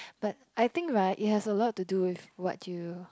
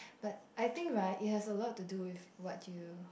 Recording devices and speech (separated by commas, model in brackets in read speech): close-talking microphone, boundary microphone, conversation in the same room